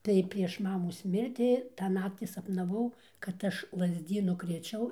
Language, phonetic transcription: Lithuanian, tai prieš ˈmamos ˈmirti ˈtą ˈnakti sapnaˈvau kad ˈaš lazˈdynu krėˈčiau

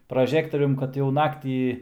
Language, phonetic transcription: Lithuanian, praˈžektorium kad jau ˈnaktį

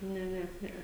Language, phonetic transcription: Lithuanian, ˈne ˈne ˈnee

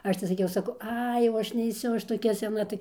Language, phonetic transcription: Lithuanian, ˈaš tai saˈkiau saˈkau ˈai jau ˈaš neiˈsiu ˈ aš toˈkia seˈna tai

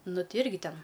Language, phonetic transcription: Lithuanian, ˈnu ˈti ˈirgi ˈten

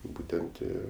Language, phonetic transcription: Lithuanian, ˈbūtent ˈi

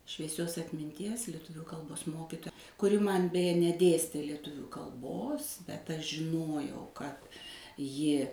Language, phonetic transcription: Lithuanian, švieˈsios atminˈties lieˈtuvių kalˈbos ˈmokitoja kuˈri ˈman beˈje neˈdėstė leˈtuvių kalˈbos bet aš žiˈnojau kad ˈji

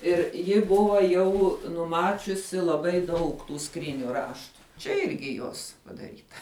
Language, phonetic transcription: Lithuanian, ˈir ˈji ˈbuva ˈjau nuˈmačiusi laˈbai ˈdaug tų ˈskryniu ˈraštu ˈčia ˈirgi ˈjos padaˈryta

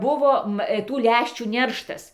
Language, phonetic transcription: Lithuanian, ˈbuvo ˈva ˈtų ˈlæščių ˈnerštas

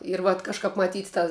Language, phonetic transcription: Lithuanian, ir vat kažˈkāp maˈtyt ta

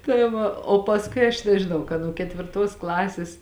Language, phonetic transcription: Lithuanian, tai ˈva o pasˈkui aš nežiˈnau ka nuo ketvirˈtos ˈklasės

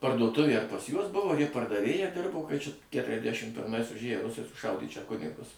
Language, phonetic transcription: Lithuanian, parduoˈtuvė ar pas ˈjuos ˈbuvo ar ˈji pardaˈvėja ˈdirbo kai čia ketriasˈdæšim pirˈmais užˈėjo ˈrusai suˈšaudė čia ˈkunigus

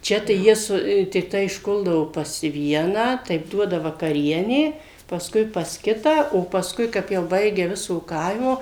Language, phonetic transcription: Lithuanian, ˈčia tai ˈjie ˈsu tikˈtai išˈkuldavo pas ˈvieną ˈtaip ˈduoda vakaˈrienė pasˈkui pas ˈkitą o pasˈkui ˈkap jau ˈbaigia ˈviso ˈkaimo

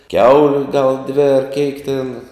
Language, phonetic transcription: Lithuanian, ˈkiauliu gal dvi ar keik ten

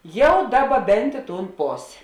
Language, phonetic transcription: Lithuanian, ˈjau ˈdaˌba ˈbent i tūn ˈposė

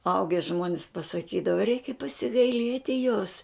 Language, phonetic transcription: Lithuanian, ˈauge ˈžmuonis pasaˈkydava ˈreikia pasigaiˈlieti jos

